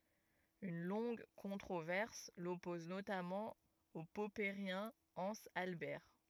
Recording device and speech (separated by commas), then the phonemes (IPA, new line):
rigid in-ear microphone, read sentence
yn lɔ̃ɡ kɔ̃tʁovɛʁs lɔpɔz notamɑ̃ o pɔpəʁjɛ̃ ɑ̃z albɛʁ